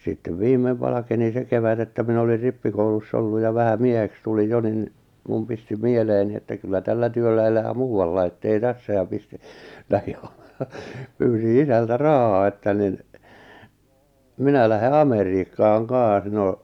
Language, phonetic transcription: Finnish, sittev 'viimmev 'valakeni 'se kevät ‿että minä olir 'rippikouluss ‿olluj ja 'vähä 'mieheks tulij 'jo nin , mum pisti 'mieleeni että kyllä 'tällä 'työllä elää "muu₍allai ettei "tässä ja pistɪ , 'lähɪ , 'pyysi "isältä "rahaa että nin , "minä lähe "Ameriikkaaŋ "kaaa̰s 'no .
- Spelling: sitten viimein valkeni se kevät että minä olin rippikoulussa ollut ja vähän mieheksi tulin jo niin minun pisti mieleeni että kyllä tällä työllä elää muualla että ei tässä ja pistin lähdin pyysin isältä rahaa että niin minä lähden Amerikkaan kanssa no

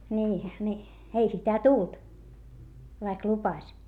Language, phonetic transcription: Finnish, nii , ni , ei sitä tult , vaik lupaś .
- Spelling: niin niin ei sitä tullut vaikka lupasi

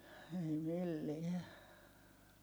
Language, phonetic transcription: Finnish, ei milliɛ .
- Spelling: ei millään

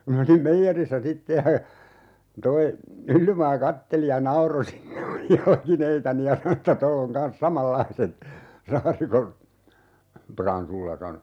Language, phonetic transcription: Finnish, (ja) min ‿olim 'meijerissä "sitte ja , 'toi , "Myllymaa 'katteli ja 'nauro (siinä muj) "jalkineitani ja 'sano että » 'toll ‿oŋ 'kans "samallaiset , "Saarikon , 'Pransulla » sano .
- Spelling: ja minä olin meijerissä sitten ja tuo Myllymaa katseli ja nauroi siinä minun jalkineitani ja sanoi että tuolla on kanssa samanlaiset Saarikon Pransulla sanoi

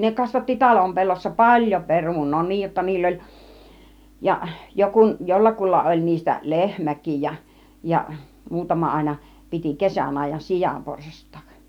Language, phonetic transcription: Finnish, 'ne kasvatti "talom 'pellossa "paĺjo 'perun̆noo , 'niij jotta 'niill ‿oĺ , ja 'jokun , 'jollakulla oĺ niistä "lehmäkij ja , ja 'muutama 'àina , 'piti "kesän àij̆jan "sijamporsast̆tAAk .
- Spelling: ne kasvatti talon pellossa paljon perunaa niin jotta niillä oli ja - jollakulla oli niistä lehmäkin ja ja muutama aina piti kesän ajan sianporsastakin

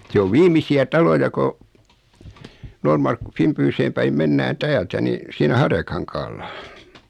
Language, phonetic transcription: Finnish, 'se ov 'viim̀isi₍ä 'taloja ko , 'Noormarkku- 'Fìmpyyseem päim 'mennään "täältä ni , 'siinä "Harjakaŋkaalla .
- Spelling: se on viimeisiä taloja kun - Finbyhyn päin mennään täältä niin siinä Harjakankaalla

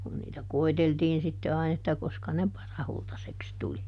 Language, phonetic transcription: Finnish, kun niitä "koiteltiin sitte ˈain ‿että ˈkoska ne "parahultaseks ˈtuli .
- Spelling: kun niitä koeteltiin sitten aina että koska ne parahultaiseksi tuli

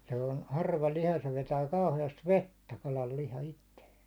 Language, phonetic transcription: Finnish, se on "harva 'liha se 'vetää 'kauhe₍ast "vettä 'kalal 'liha itteesᴀ̈ .
- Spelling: se on harva liha se vetää kauheasti vettä kalan liha itseensä

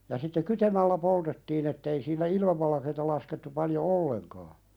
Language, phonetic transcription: Finnish, ja sitte "kytemällä 'poltettiin ‿ettei siinä 'ilm(i)valakeeta laskettu paljo "olleŋkaa .
- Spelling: ja sitten kytemällä poltettiin että ei siinä ilmivalkeaa laskettu paljon ollenkaan

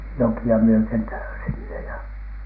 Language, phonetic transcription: Finnish, 'joki₍a myöte̳n tä- , sinne ja .
- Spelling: jokia myöten - sinne ja

